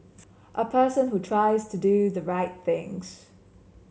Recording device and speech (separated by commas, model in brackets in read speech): mobile phone (Samsung C7), read sentence